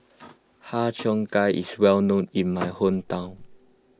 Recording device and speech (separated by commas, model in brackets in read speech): close-talking microphone (WH20), read sentence